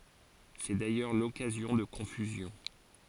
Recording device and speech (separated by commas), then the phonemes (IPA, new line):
forehead accelerometer, read sentence
sɛ dajœʁ lɔkazjɔ̃ də kɔ̃fyzjɔ̃